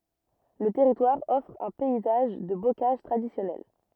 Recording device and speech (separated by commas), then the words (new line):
rigid in-ear microphone, read sentence
Le territoire offre un paysage de bocage traditionnel.